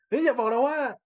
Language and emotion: Thai, angry